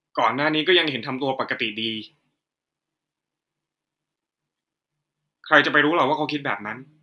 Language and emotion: Thai, frustrated